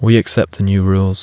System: none